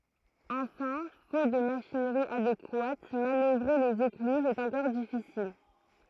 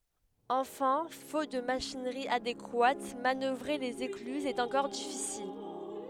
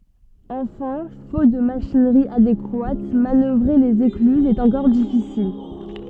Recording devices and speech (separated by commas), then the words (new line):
throat microphone, headset microphone, soft in-ear microphone, read sentence
Enfin, faute de machinerie adéquate, manœuvrer les écluses est encore difficile.